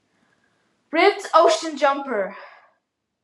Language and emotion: English, sad